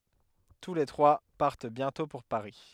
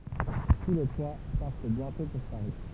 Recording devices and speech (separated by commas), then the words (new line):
headset microphone, temple vibration pickup, read sentence
Tous les trois partent bientôt pour Paris...